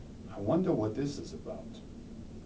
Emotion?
neutral